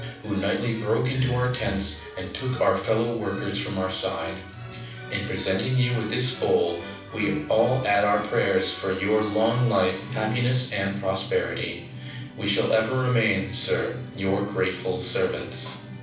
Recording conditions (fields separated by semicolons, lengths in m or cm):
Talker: one person; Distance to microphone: 5.8 m; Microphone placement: far; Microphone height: 1.8 m; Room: medium-sized (5.7 m by 4.0 m); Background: music